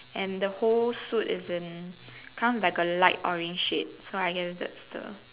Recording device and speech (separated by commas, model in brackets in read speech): telephone, conversation in separate rooms